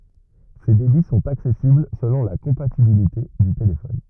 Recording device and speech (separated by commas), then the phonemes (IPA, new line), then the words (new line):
rigid in-ear microphone, read sentence
se debi sɔ̃t aksɛsibl səlɔ̃ la kɔ̃patibilite dy telefɔn
Ces débits sont accessibles selon la compatibilité du téléphone.